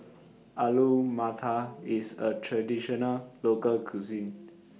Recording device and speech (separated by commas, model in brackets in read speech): mobile phone (iPhone 6), read sentence